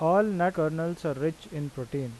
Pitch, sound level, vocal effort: 160 Hz, 87 dB SPL, normal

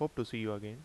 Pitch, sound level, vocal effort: 115 Hz, 81 dB SPL, normal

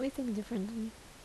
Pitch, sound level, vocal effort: 225 Hz, 73 dB SPL, soft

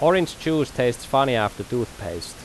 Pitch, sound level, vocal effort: 125 Hz, 87 dB SPL, loud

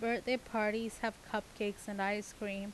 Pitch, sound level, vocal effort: 215 Hz, 85 dB SPL, normal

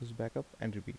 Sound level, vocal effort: 76 dB SPL, soft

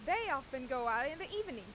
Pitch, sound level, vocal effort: 270 Hz, 96 dB SPL, very loud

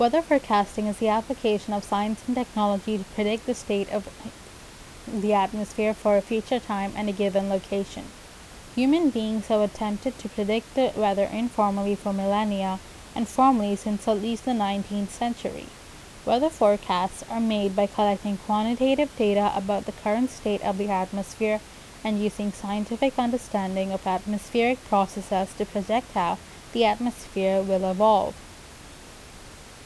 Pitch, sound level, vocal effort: 210 Hz, 81 dB SPL, normal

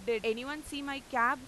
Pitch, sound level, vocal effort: 260 Hz, 98 dB SPL, very loud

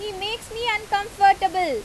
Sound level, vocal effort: 93 dB SPL, very loud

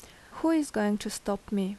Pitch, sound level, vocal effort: 210 Hz, 78 dB SPL, normal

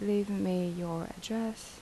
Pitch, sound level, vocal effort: 200 Hz, 78 dB SPL, soft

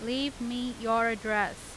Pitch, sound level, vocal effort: 230 Hz, 91 dB SPL, loud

